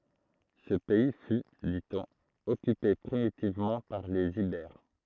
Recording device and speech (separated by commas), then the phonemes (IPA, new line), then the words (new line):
throat microphone, read sentence
sə pɛi fy di ɔ̃n ɔkype pʁimitivmɑ̃ paʁ lez ibɛʁ
Ce pays fut, dit-on, occupé primitivement par les Ibères.